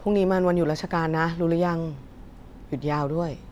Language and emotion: Thai, neutral